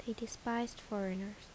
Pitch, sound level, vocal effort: 225 Hz, 74 dB SPL, soft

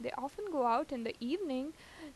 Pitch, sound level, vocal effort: 275 Hz, 84 dB SPL, normal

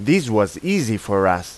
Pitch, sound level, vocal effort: 105 Hz, 91 dB SPL, loud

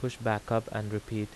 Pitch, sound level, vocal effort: 110 Hz, 82 dB SPL, normal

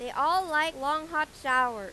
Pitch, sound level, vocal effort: 300 Hz, 100 dB SPL, loud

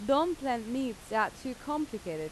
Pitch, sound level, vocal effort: 250 Hz, 89 dB SPL, loud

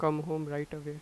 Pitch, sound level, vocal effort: 150 Hz, 88 dB SPL, normal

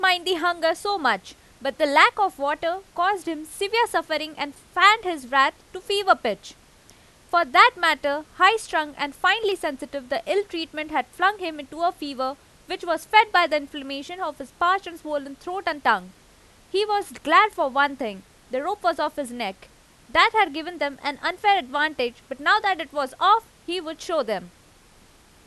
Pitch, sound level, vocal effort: 325 Hz, 93 dB SPL, very loud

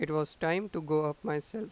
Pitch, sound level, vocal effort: 160 Hz, 89 dB SPL, normal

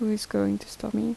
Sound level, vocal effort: 76 dB SPL, soft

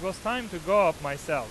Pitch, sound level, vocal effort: 190 Hz, 100 dB SPL, loud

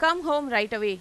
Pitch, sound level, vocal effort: 240 Hz, 97 dB SPL, loud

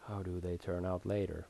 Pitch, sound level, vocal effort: 90 Hz, 78 dB SPL, soft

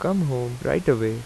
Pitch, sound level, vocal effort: 125 Hz, 84 dB SPL, normal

